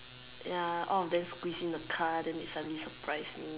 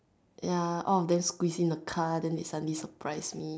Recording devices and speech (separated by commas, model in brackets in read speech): telephone, standing microphone, conversation in separate rooms